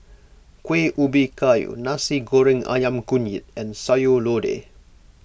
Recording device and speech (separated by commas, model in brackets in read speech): boundary microphone (BM630), read sentence